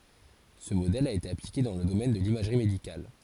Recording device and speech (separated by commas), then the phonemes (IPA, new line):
forehead accelerometer, read sentence
sə modɛl a ete aplike dɑ̃ lə domɛn də limaʒʁi medikal